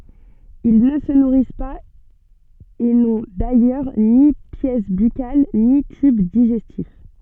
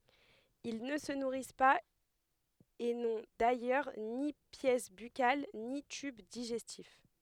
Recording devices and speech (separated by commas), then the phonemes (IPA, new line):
soft in-ear microphone, headset microphone, read sentence
il nə sə nuʁis paz e nɔ̃ dajœʁ ni pjɛs bykal ni tyb diʒɛstif